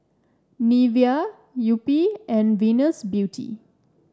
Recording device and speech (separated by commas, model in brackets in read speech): standing microphone (AKG C214), read sentence